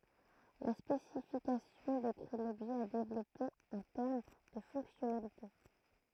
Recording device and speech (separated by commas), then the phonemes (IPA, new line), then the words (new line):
throat microphone, read sentence
la spesifikasjɔ̃ dekʁi lɔbʒɛ a devlɔpe ɑ̃ tɛʁm də fɔ̃ksjɔnalite
La spécification décrit l'objet à développer en termes de fonctionnalité.